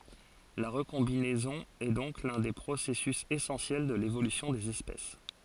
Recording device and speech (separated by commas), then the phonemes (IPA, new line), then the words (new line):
forehead accelerometer, read sentence
la ʁəkɔ̃binɛzɔ̃ ɛ dɔ̃k lœ̃ de pʁosɛsys esɑ̃sjɛl də levolysjɔ̃ dez ɛspɛs
La recombinaison est donc l'un des processus essentiels de l'évolution des espèces.